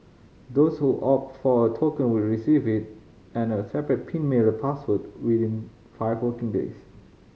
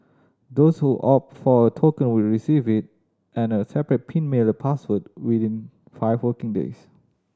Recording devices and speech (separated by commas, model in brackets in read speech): mobile phone (Samsung C5010), standing microphone (AKG C214), read sentence